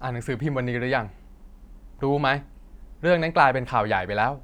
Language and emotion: Thai, angry